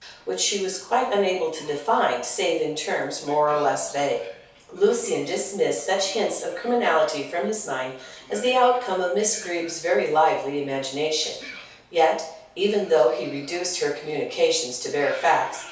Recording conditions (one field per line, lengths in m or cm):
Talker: one person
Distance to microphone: 3.0 m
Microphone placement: far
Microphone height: 1.8 m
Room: small (3.7 m by 2.7 m)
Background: television